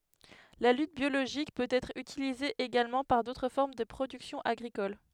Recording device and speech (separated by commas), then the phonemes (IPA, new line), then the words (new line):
headset microphone, read sentence
la lyt bjoloʒik pøt ɛtʁ ytilize eɡalmɑ̃ paʁ dotʁ fɔʁm də pʁodyksjɔ̃ aɡʁikol
La lutte biologique peut être utilisée également par d'autres formes de production agricoles.